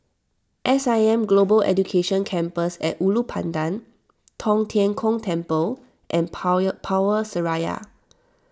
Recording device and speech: standing microphone (AKG C214), read sentence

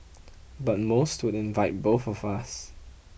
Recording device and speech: boundary microphone (BM630), read sentence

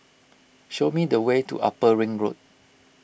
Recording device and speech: boundary microphone (BM630), read sentence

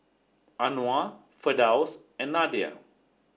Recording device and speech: standing microphone (AKG C214), read sentence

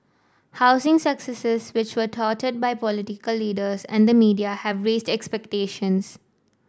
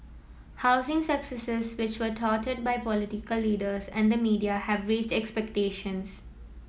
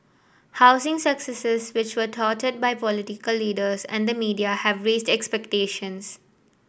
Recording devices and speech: standing microphone (AKG C214), mobile phone (iPhone 7), boundary microphone (BM630), read sentence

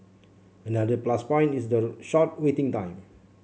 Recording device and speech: mobile phone (Samsung C7), read sentence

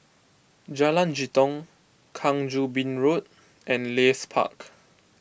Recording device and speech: boundary microphone (BM630), read sentence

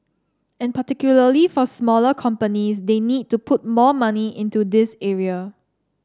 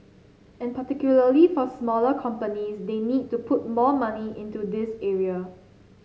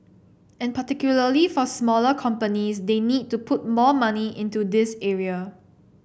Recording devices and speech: standing microphone (AKG C214), mobile phone (Samsung C7), boundary microphone (BM630), read sentence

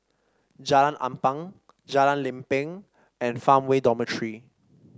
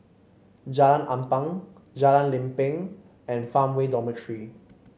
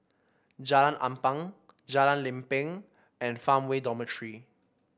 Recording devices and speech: standing microphone (AKG C214), mobile phone (Samsung C5), boundary microphone (BM630), read sentence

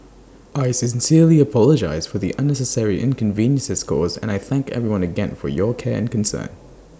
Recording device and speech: standing microphone (AKG C214), read sentence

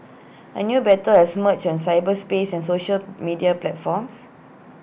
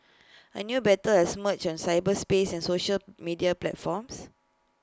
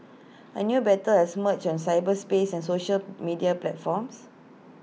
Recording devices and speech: boundary microphone (BM630), close-talking microphone (WH20), mobile phone (iPhone 6), read sentence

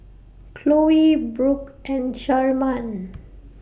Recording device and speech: boundary microphone (BM630), read sentence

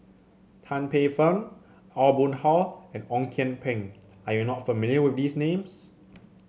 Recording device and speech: mobile phone (Samsung C7), read sentence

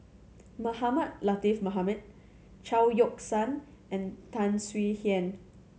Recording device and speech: mobile phone (Samsung C7100), read sentence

